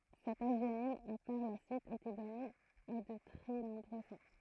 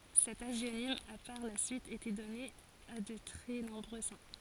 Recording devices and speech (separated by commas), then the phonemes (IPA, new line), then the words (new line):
throat microphone, forehead accelerometer, read sentence
sɛt aʒjonim a paʁ la syit ete dɔne a də tʁɛ nɔ̃bʁø sɛ̃
Cet hagionyme a par la suite été donné à de très nombreux saints.